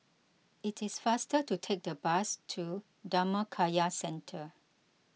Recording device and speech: mobile phone (iPhone 6), read sentence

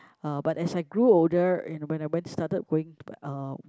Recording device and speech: close-talking microphone, conversation in the same room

